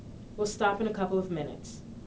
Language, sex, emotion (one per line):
English
female
neutral